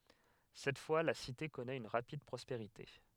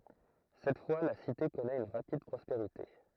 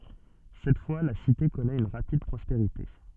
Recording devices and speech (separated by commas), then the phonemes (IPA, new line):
headset microphone, throat microphone, soft in-ear microphone, read sentence
sɛt fwa la site kɔnɛt yn ʁapid pʁɔspeʁite